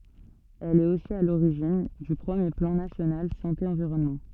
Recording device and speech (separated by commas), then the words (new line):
soft in-ear microphone, read sentence
Elle est aussi à l'origine du premier Plan national Santé Environnement.